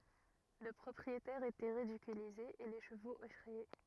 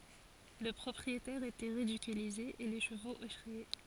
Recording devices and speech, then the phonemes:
rigid in-ear microphone, forehead accelerometer, read sentence
lə pʁɔpʁietɛʁ etɛ ʁidikylize e le ʃəvoz efʁɛje

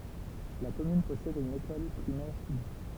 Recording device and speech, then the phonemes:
temple vibration pickup, read sentence
la kɔmyn pɔsɛd yn ekɔl pʁimɛʁ pyblik

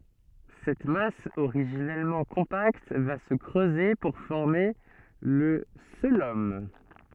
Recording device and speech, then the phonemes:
soft in-ear microphone, read sentence
sɛt mas oʁiʒinɛlmɑ̃ kɔ̃pakt va sə kʁøze puʁ fɔʁme lə koəlom

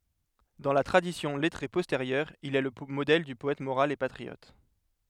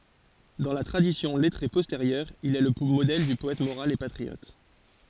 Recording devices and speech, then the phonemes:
headset microphone, forehead accelerometer, read sentence
dɑ̃ la tʁadisjɔ̃ lɛtʁe pɔsteʁjœʁ il ɛ lə modɛl dy pɔɛt moʁal e patʁiɔt

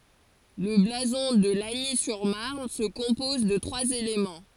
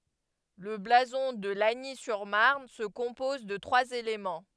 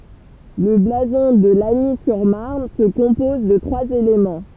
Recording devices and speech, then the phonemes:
forehead accelerometer, headset microphone, temple vibration pickup, read sentence
lə blazɔ̃ də laɲi syʁ maʁn sə kɔ̃pɔz də tʁwaz elemɑ̃

